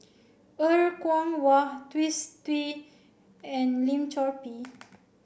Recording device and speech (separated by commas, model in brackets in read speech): boundary microphone (BM630), read sentence